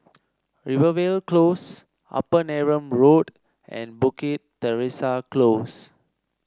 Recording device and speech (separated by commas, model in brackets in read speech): standing microphone (AKG C214), read sentence